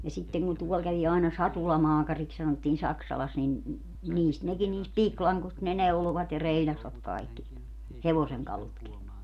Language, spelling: Finnish, ja sitten kun ne tuolla kävi aina satulamaakariksi sanottiin Saksalassa niin niistä nekin niistä pikilangoista ne neuloivat ja reilasivat kaikki hevosenkalutkin
- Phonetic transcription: ja sitteŋ ku ne 'tuɔl kävi àena "satulamaakariks sanottiin 'Saksalas nin , 'niist nekin 'niist "piklaŋkost ne 'neulovat ja 'reiĺasvat kaikki , "hevoseŋkalutki .

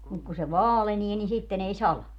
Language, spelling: Finnish, mutta kun se vaalenee niin sitten ei sada
- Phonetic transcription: muk ku se "vaalenie ni 'sitten ‿ei "sala .

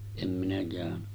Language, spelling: Finnish, en minä käynyt
- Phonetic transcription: em minä kä̀öny .

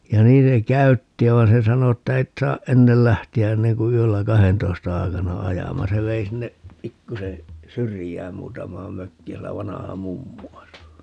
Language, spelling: Finnish, ja niin se käytti ja vaan se sanoi että et saa ennen lähteä ennen kuin yöllä kahdentoista aikana ajamaan se vei sinne pikkuisen syrjään muutamaan mökkiin siellä vanha mummu asui
- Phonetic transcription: ja 'niin se "käytti (ja) 'van̬ se 'sano että » 'et saaʼ "ʼennel 'lähti₍ä 'enneŋ ku 'yöllä "kahentoista 'ai̮kana 'ajamaa » - 'se vei sinne , 'pikkuse , "syrijään 'muutam̀aam 'mökkiin - sielä 'vanaha "mummu 'asu .

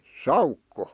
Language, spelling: Finnish, saukko
- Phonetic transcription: saukko .

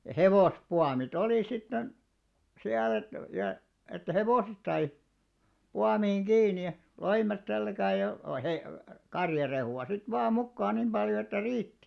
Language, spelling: Finnish, ja hevospuomit oli sitten siellä että ja että hevoset sai puomiin kiinni ja loimet selkään ja - karjarehua sitten vain mukaan niin paljon että riitti
- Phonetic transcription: ja 'hevospuami't ‿olì sitten , 'siäl ‿et , ja , että "hevòset sai , 'puamiiŋ "ɢiini ja , 'loimet 'selkää ja , hev- , 'karjarehu₍a sit 'vaa 'mukkaan̆ nim 'ʙaljo että "riitti .

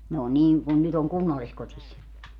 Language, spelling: Finnish, ne oli niin kuin nyt on kunnalliskodissa
- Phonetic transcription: 'ne o 'nii , kun 'nyt ‿oŋ "kunnalliskotis .

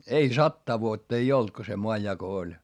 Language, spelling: Finnish, ei sataa vuotta ei ollut kun se maanjako oli
- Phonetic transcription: ei sattaa vuotta ei olt ko se moajjako oĺ .

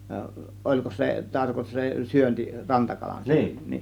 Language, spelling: Finnish, olikos se - se syönti rantakalansyönti
- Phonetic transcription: 'oĺkos se 'tarko- , se 'syönti , 'rantakalansyönti .

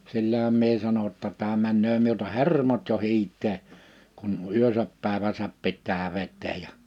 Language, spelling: Finnish, sillähän minä sanoin jotta tämä menee minulta hermot jo hiiteen kun yönsä päivänsä pitää vetää ja -
- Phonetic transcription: 'sillähäm mie 'sano ‿tta » 'tää männöö miulta "hermot jo 'hiit̆tee , kun 'yösäp pä̀eväsäp 'pit̆tää 'vet̆teej̆ ja « , ə .

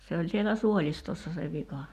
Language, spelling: Finnish, se oli siellä suolistossa se vika
- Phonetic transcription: se oĺ sielä "suoĺistossa se vika .

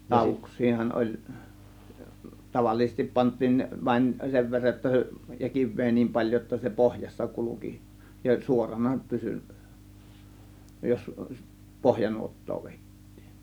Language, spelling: Finnish, lauduksiahan oli tavallisesti pantiin vain sen verran jotta se ja kiveä niin paljon jotta se pohjassa kulki ja suorana pysyi jos pohjanuottaa vedettiin
- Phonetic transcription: 'làȯvuks̆siihan ˀoĺ , 'tavallisestip 'pant̆tiin , vain 'sev verraj jotta se , ja "kiv̆vee nim 'paĺjo jotta se "pohjassa 'kuluki , ja "suorana 'pysy , jos "pohjanuot̀too 'vèit̀tIIN .

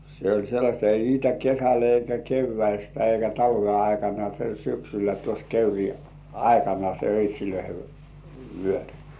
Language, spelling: Finnish, se oli sellaista ei niitä kesällä eikä keväästä eikä talven aikana se syksyllä tuossa kekrin aikana se öitsien vyöri
- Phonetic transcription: se ‿oĺ sellaśta ei niitä "kesäl eikä kevväistä eikä 'talve aikana se "syksyllä tuos 'keyri "aikana se öit́̀śilöihe , vyör̜ .

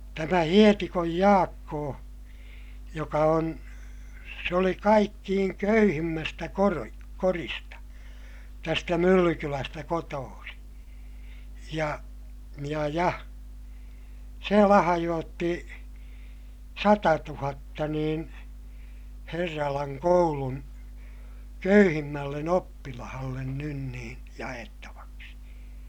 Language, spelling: Finnish, tämä Hietikon Jaakko joka on se oli kaikkein köyhimmästä - kodista tästä Myllykylästä kotoisin ja ja ja se lahjoitti satatuhatta niin Herralan koulun köyhimmälle oppilaalle nyt niin jaettavaksi
- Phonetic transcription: tämä Hietikoj Jaakkoo , joka on , se oli kaikkiiŋ köyhimmästä koro- , korista , tästä Myllykylästä kotoosiḭ , ja , ja ja , se lahajootti , satatuhatta niin , Herralaŋ koulun , köyhimmällen ‿oppilahallen nyn nii , ja₍ettavaksi .

